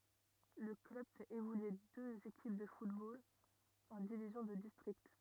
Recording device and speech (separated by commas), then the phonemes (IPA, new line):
rigid in-ear microphone, read sentence
lə klœb fɛt evolye døz ekip də futbol ɑ̃ divizjɔ̃ də distʁikt